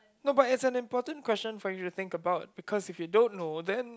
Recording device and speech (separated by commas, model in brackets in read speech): close-talking microphone, conversation in the same room